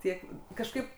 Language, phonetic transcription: Lithuanian, ˈtiek kažˈkaip

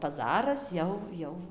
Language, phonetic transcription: Lithuanian, paˈzaras ˈjau ˈjau

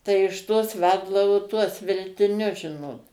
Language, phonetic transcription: Lithuanian, tai iš ˈtos ˈveldavo tuos veltiˈnius ˈžinot

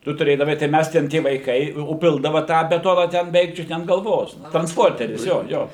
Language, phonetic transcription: Lithuanian, ˈtu tuˈrėdavai tai ˈmæs ten ˈtie vaiˈkai o ˈpildava ˈtą beˈtona ten beˈveik ˈčiut ne an galˈvos transˈporteris ˈjo ˈjo

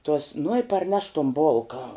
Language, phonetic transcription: Lithuanian, tuos nu i parˈneš tuom ˈbolka

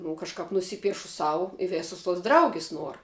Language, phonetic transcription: Lithuanian, nu kažˈkap nuˈsypiešu ˈsau i ˈvėsus tuos ˈdraugis ˈnuor

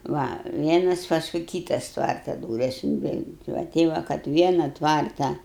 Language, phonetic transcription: Lithuanian, ˈva ˈvienas ˈpaskui ˈkytas ˈtvarta ˈdūres inˈveini ˈva ˈtei va kad ˈviena ˈtvarta

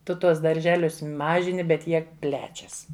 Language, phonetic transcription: Lithuanian, ˈtu ˈtuos darˈželius ˈmažini bet ˈjie ˈplečias

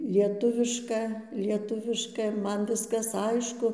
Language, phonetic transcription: Lithuanian, lieˈtuviška lieˈtuviška ˈman ˈviskas ˈaišku

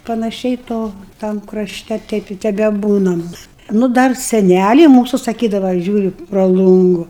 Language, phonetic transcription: Lithuanian, panaˈšiai ˈto tam kraˈšte ˈteip i tebeˈbūnam nu ˈdar seˈnæliai ˈmūsu saˈkydava ˈžiūriu pra ˈlungu

